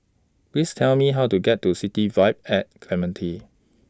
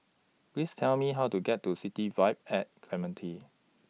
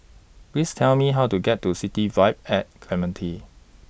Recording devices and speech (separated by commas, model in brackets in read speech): standing microphone (AKG C214), mobile phone (iPhone 6), boundary microphone (BM630), read sentence